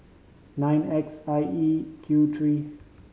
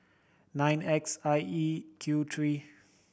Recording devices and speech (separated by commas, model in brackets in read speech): mobile phone (Samsung C5010), boundary microphone (BM630), read sentence